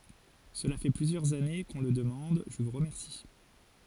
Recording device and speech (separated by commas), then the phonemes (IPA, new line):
forehead accelerometer, read sentence
səla fɛ plyzjœʁz ane kə ɔ̃ lə dəmɑ̃d ʒə vu ʁəmɛʁsi